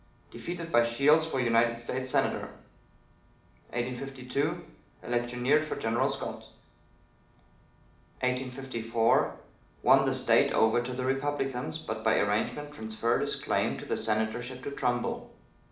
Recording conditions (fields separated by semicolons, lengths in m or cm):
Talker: one person; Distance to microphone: 2.0 m; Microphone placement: close; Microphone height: 99 cm; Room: medium-sized (5.7 m by 4.0 m); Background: none